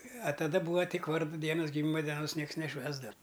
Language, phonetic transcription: Lithuanian, a taˈda ˈbūva ˈtik ˈvardu ˈdienus giˈmyma deˈnos ˈnieks neˈšvęsdav

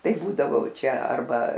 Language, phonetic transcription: Lithuanian, ˈtai ˈbūdavo ˈčia arˈba

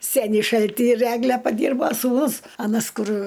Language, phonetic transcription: Lithuanian, ˈsenį ˈšaltį ir ˈegle paˈdyrbo sūˈnus aˈnas ˈkur

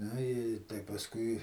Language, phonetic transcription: Lithuanian, ˈnu i tai pasˈkui

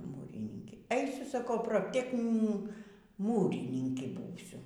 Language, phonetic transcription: Lithuanian, ˈmūrininkė ˈeisiu saˈkau propˈteknin ˈmūrininki ˈbūsiu

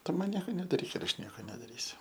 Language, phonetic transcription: Lithuanian, ˈtu ˈman ˈnieko nedaˈryk ir ˈaš ˈnieko nedaˈrysiu

